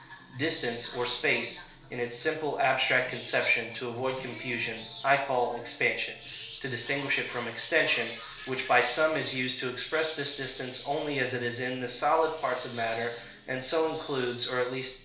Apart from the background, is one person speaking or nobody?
One person.